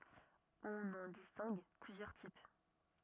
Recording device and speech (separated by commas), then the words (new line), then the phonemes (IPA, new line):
rigid in-ear microphone, read sentence
On en distingue plusieurs types.
ɔ̃n ɑ̃ distɛ̃ɡ plyzjœʁ tip